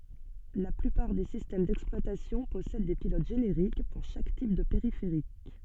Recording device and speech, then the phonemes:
soft in-ear microphone, read sentence
la plypaʁ de sistɛm dɛksplwatasjɔ̃ pɔsɛd de pilot ʒeneʁik puʁ ʃak tip də peʁifeʁik

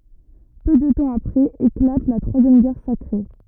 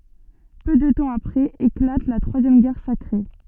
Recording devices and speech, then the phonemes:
rigid in-ear microphone, soft in-ear microphone, read sentence
pø də tɑ̃ apʁɛz eklat la tʁwazjɛm ɡɛʁ sakʁe

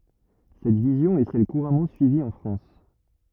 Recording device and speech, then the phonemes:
rigid in-ear microphone, read sentence
sɛt vizjɔ̃ ɛ sɛl kuʁamɑ̃ syivi ɑ̃ fʁɑ̃s

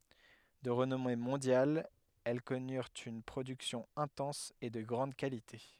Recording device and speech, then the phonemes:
headset microphone, read sentence
də ʁənɔme mɔ̃djal ɛl kɔnyʁt yn pʁodyksjɔ̃ ɛ̃tɑ̃s e də ɡʁɑ̃d kalite

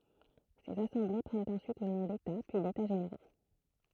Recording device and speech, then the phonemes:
throat microphone, read sentence
sez asɑ̃ble pʁɛnt ɑ̃syit lə nɔ̃ deta pyi deta ʒeneʁo

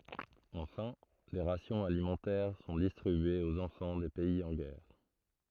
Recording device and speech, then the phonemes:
throat microphone, read sentence
ɑ̃fɛ̃ de ʁasjɔ̃z alimɑ̃tɛʁ sɔ̃ distʁibyez oz ɑ̃fɑ̃ de pɛiz ɑ̃ ɡɛʁ

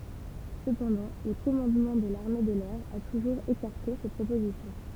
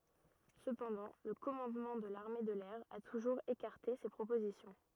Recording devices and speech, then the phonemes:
temple vibration pickup, rigid in-ear microphone, read sentence
səpɑ̃dɑ̃ lə kɔmɑ̃dmɑ̃ də laʁme də lɛʁ a tuʒuʁz ekaʁte se pʁopozisjɔ̃

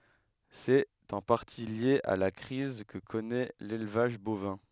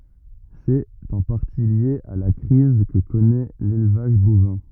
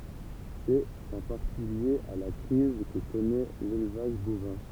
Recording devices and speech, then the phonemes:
headset microphone, rigid in-ear microphone, temple vibration pickup, read sentence
sɛt ɑ̃ paʁti lje a la kʁiz kə kɔnɛ lelvaʒ bovɛ̃

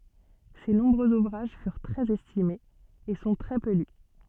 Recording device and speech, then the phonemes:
soft in-ear microphone, read sentence
se nɔ̃bʁøz uvʁaʒ fyʁ tʁɛz ɛstimez e sɔ̃ tʁɛ pø ly

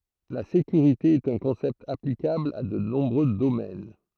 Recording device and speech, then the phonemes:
throat microphone, read sentence
la sekyʁite ɛt œ̃ kɔ̃sɛpt aplikabl a də nɔ̃bʁø domɛn

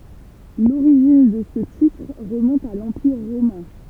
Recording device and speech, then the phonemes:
temple vibration pickup, read sentence
loʁiʒin də sə titʁ ʁəmɔ̃t a lɑ̃piʁ ʁomɛ̃

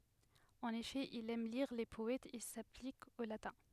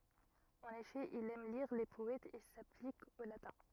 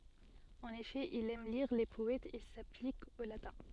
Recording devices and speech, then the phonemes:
headset microphone, rigid in-ear microphone, soft in-ear microphone, read sentence
ɑ̃n efɛ il ɛm liʁ le pɔɛtz e saplik o latɛ̃

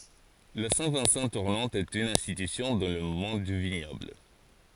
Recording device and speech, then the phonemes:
forehead accelerometer, read sentence
la sɛ̃ vɛ̃sɑ̃ tuʁnɑ̃t ɛt yn ɛ̃stitysjɔ̃ dɑ̃ lə mɔ̃d dy viɲɔbl

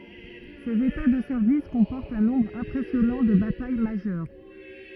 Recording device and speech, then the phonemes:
rigid in-ear microphone, read sentence
sez eta də sɛʁvis kɔ̃pɔʁtt œ̃ nɔ̃bʁ ɛ̃pʁɛsjɔnɑ̃ də bataj maʒœʁ

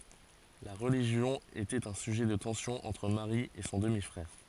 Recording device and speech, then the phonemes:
forehead accelerometer, read sentence
la ʁəliʒjɔ̃ etɛt œ̃ syʒɛ də tɑ̃sjɔ̃ ɑ̃tʁ maʁi e sɔ̃ dəmi fʁɛʁ

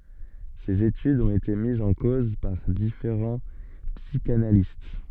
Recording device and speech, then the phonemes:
soft in-ear microphone, read sentence
sez etydz ɔ̃t ete mizz ɑ̃ koz paʁ difeʁɑ̃ psikanalist

